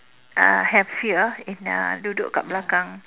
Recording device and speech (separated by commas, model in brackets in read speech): telephone, conversation in separate rooms